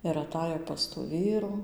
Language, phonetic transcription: Lithuanian, ir aˈtajo pas tų ˈvyrų

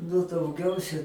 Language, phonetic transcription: Lithuanian, nu dauˈgiausia

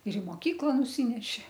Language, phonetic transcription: Lithuanian, ir i moˈkykla nuˈsyneši

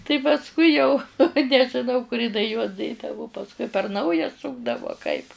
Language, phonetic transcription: Lithuanian, tai pasˈkui jau nežiˈnau kur jiˈnai juos ˈdėdavu pasˈkui per ˈnauja ˈsukdavu a kaip

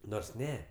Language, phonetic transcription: Lithuanian, ˈnors ˈne

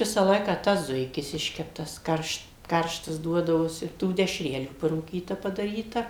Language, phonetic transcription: Lithuanian, ˈvisa ˈlaiką ˈtas ˈzuikis ˈiškeptas ˈkaršt ˈkarštas ˈduodavosi tų dešˈrelių parūˈkyta padaˈryta

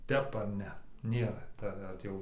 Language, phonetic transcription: Lithuanian, ˈtep ar ˈne ˈnėra ˈta ˈvat jau

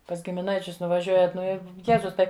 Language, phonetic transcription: Lithuanian, pas gimiˈnaičius nuvaˈžiuojat ˈnu i ˈjezus ˈtai

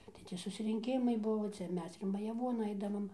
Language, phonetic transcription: Lithuanian, tai ˈti susrinˈkimai ˈbuvo ˈcia ˈmes ir majaˈvuon ˈaidavam

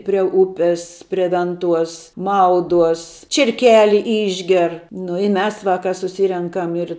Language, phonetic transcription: Lithuanian, prie ˈupis prie ˈvenˌtuos ˈmauduos čierˈkeli ˈišger nu i ˈmes ˈvaka suˈsyrenkam ir

